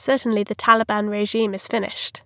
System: none